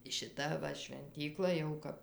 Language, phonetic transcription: Lithuanian, ˈšita ˈva švenˈtykla jau ˈkap

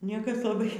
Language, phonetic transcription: Lithuanian, ˈniekas laˈbai

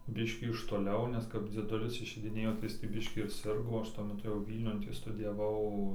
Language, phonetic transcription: Lithuanian, ˈbiškį iš toˈliau ˈnes kap dzieˈdulis išeidiˈnėjo tai ˈjis tį ˈbiškį ir ˈsirgo ˈaš tuo meˈtu jau ˈvylniun ˈtį studijaˈvau

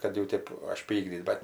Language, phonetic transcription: Lithuanian, kad jau ˈtėp ažˈpykdyt bet

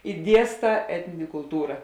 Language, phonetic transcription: Lithuanian, i ˈdiesˌtā ˈetninė kulˈtūra

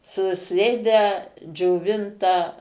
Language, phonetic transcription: Lithuanian, suˈsėdę džioˈvintą

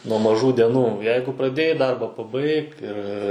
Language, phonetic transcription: Lithuanian, nuo maˈžų deˈnų ˈjeigu praˈdėjai ˈdarba paˈbaik ir

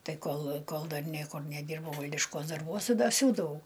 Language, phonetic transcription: Lithuanian, ˈtai ˈkol ˈkol ˈdar ˈniekur neˈdyrbau ˈvaldiškuos darˈbuos ti da ˈsiūdavau

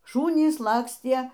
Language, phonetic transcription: Lithuanian, ˈšūnys ˈlakstie

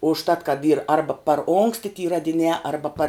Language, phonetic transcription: Lithuanian, užˈtat kad yr ˈarba par ˈonksti ty radiˈniā ˈarba par

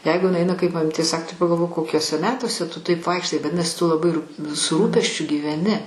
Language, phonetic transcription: Lithuanian, ˈjeigu iˈnai ˈaina kaip maˈmytė ˈsak tai pagalˈvok koˈkiuose ˈmetuose ˈtu ˈtaip ˈvaikštai vaˈdinasi tu laˈbai rūp' su ˈrūpesčiu gyveˈni

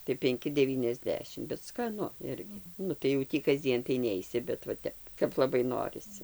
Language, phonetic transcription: Lithuanian, tai penˈki deˌvyniasˈdešim bet skaˈnu ˈirgi ˈnu tai jau ˈtį kasˈdzien tai ˈneisi bet va ˈtep kap laˈbai ˈnorisi

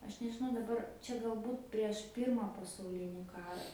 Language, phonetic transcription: Lithuanian, ˈaš nežiˈnau daˈbar ˈčia galˈbūt prieš ˈpyrma pasauˈlini ˈkara

